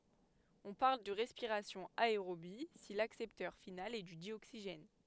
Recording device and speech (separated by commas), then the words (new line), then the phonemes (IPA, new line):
headset microphone, read sentence
On parle de respiration aérobie si l'accepteur final est du dioxygène.
ɔ̃ paʁl də ʁɛspiʁasjɔ̃ aeʁobi si laksɛptœʁ final ɛ dy djoksiʒɛn